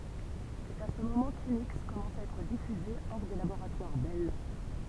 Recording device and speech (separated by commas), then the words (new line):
temple vibration pickup, read sentence
C'est à ce moment qu'Unix commença à être diffusé hors des laboratoires Bell.